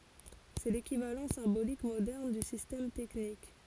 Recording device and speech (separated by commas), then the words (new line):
forehead accelerometer, read sentence
C'est l'équivalent symbolique moderne du système technique.